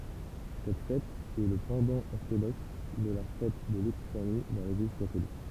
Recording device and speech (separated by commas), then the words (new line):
temple vibration pickup, read sentence
Cette fête est le pendant orthodoxe de la fête de l'Épiphanie dans l'Église catholique.